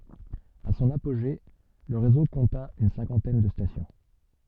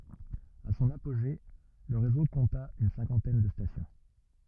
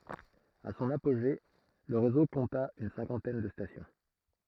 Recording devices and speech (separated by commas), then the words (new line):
soft in-ear microphone, rigid in-ear microphone, throat microphone, read sentence
À son apogée, le réseau compta une cinquantaine de stations.